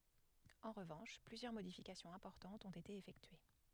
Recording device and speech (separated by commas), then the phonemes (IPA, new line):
headset microphone, read sentence
ɑ̃ ʁəvɑ̃ʃ plyzjœʁ modifikasjɔ̃z ɛ̃pɔʁtɑ̃tz ɔ̃t ete efɛktye